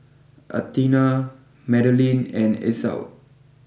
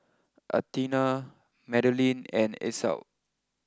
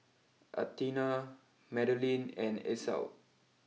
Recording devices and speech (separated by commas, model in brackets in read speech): boundary microphone (BM630), close-talking microphone (WH20), mobile phone (iPhone 6), read sentence